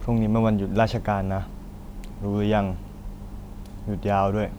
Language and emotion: Thai, neutral